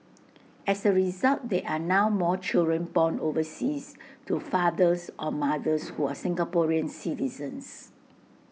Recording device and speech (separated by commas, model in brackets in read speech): mobile phone (iPhone 6), read sentence